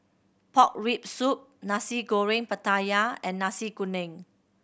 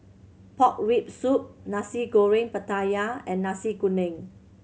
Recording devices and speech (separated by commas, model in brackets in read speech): boundary microphone (BM630), mobile phone (Samsung C7100), read sentence